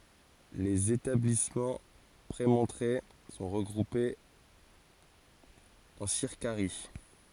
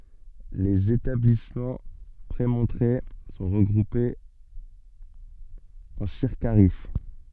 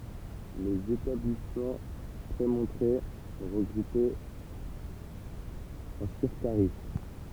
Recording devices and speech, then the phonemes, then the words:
forehead accelerometer, soft in-ear microphone, temple vibration pickup, read sentence
lez etablismɑ̃ pʁemɔ̃tʁe sɔ̃ ʁəɡʁupez ɑ̃ siʁkaʁi
Les établissements prémontrés sont regroupés en circaries.

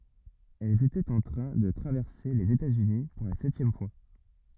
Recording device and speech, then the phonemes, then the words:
rigid in-ear microphone, read sentence
ɛl etɛt ɑ̃ tʁɛ̃ də tʁavɛʁse lez etatsyni puʁ la sɛtjɛm fwa
Elle était en train de traverser les États-Unis pour la septième fois.

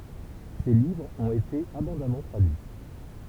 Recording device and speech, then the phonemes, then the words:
temple vibration pickup, read sentence
se livʁz ɔ̃t ete abɔ̃damɑ̃ tʁadyi
Ces livres ont été abondamment traduits.

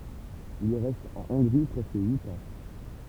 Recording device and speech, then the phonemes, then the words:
temple vibration pickup, read sentence
il ʁɛst ɑ̃ ɔ̃ɡʁi pʁɛskə yit ɑ̃
Il reste en Hongrie presque huit ans.

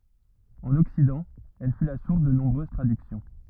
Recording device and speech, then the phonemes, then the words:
rigid in-ear microphone, read sentence
ɑ̃n ɔksidɑ̃ ɛl fy la suʁs də nɔ̃bʁøz tʁadyksjɔ̃
En Occident, elle fut la source de nombreuses traductions.

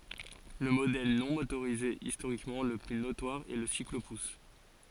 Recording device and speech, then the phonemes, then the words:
forehead accelerometer, read sentence
lə modɛl nɔ̃ motoʁize istoʁikmɑ̃ lə ply notwaʁ ɛ lə siklopus
Le modèle non motorisé historiquement le plus notoire est le cyclo-pousse.

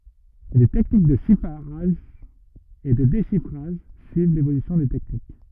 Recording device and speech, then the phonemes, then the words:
rigid in-ear microphone, read sentence
le tɛknik də ʃifʁaʒ e də deʃifʁaʒ syiv levolysjɔ̃ de tɛknik
Les techniques de chiffrage et de déchiffrage suivent l'évolution des techniques.

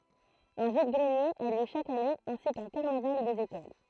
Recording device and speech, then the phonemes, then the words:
throat microphone, read sentence
œ̃ vid ɡʁənjez a ljø ʃak ane ɛ̃si kœ̃ kaʁnaval dez ekol
Un vide-greniers a lieu chaque année ainsi qu'un carnaval des écoles.

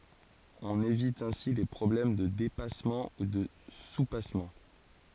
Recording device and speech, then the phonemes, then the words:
forehead accelerometer, read sentence
ɔ̃n evit ɛ̃si le pʁɔblɛm də depasmɑ̃ u də supasmɑ̃
On évite ainsi les problèmes de dépassement ou de soupassement.

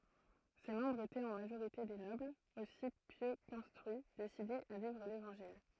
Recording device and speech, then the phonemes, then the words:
throat microphone, read sentence
se mɑ̃bʁz etɛt ɑ̃ maʒoʁite de nɔblz osi pjø kɛ̃stʁyi desidez a vivʁ levɑ̃ʒil
Ses membres étaient en majorité des nobles, aussi pieux qu'instruits, décidés à vivre l'Évangile.

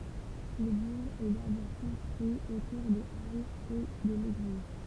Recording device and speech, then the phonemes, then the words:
temple vibration pickup, read sentence
lə buʁ ɛ dabɔʁ kɔ̃stʁyi otuʁ de alz e də leɡliz
Le bourg est d'abord construit autour des halles et de l'église.

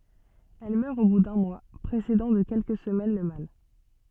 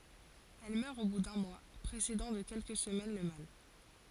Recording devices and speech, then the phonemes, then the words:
soft in-ear microphone, forehead accelerometer, read sentence
ɛl mœʁ o bu dœ̃ mwa pʁesedɑ̃ də kɛlkə səmɛn lə mal
Elle meurt au bout d’un mois, précédant de quelques semaines le mâle.

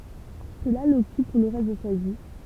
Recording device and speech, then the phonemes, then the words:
temple vibration pickup, read sentence
səla lɔkyp puʁ lə ʁɛst də sa vi
Cela l'occupe pour le reste de sa vie.

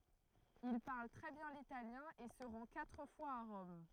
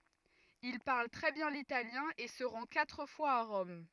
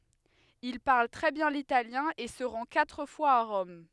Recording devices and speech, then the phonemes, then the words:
throat microphone, rigid in-ear microphone, headset microphone, read sentence
il paʁl tʁɛ bjɛ̃ litaljɛ̃ e sə ʁɑ̃ katʁ fwaz a ʁɔm
Il parle très bien l'italien et se rend quatre fois à Rome.

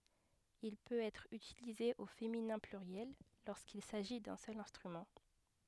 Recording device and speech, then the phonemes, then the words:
headset microphone, read sentence
il pøt ɛtʁ ytilize o feminɛ̃ plyʁjɛl loʁskil saʒi dœ̃ sœl ɛ̃stʁymɑ̃
Il peut être utilisé au féminin pluriel lorsqu'il s'agit d'un seul instrument.

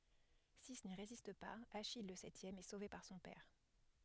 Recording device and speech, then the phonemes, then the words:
headset microphone, read sentence
si ni ʁezist paz aʃij lə sɛtjɛm ɛ sove paʁ sɔ̃ pɛʁ
Six n'y résistent pas, Achille, le septième, est sauvé par son père.

